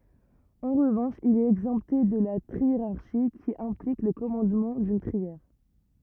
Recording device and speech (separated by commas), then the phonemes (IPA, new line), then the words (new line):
rigid in-ear microphone, read sentence
ɑ̃ ʁəvɑ̃ʃ il ɛt ɛɡzɑ̃pte də la tʁieʁaʁʃi ki ɛ̃plik lə kɔmɑ̃dmɑ̃ dyn tʁiɛʁ
En revanche, il est exempté de la triérarchie, qui implique le commandement d'une trière.